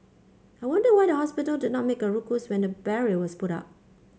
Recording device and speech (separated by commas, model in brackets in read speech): mobile phone (Samsung C5), read sentence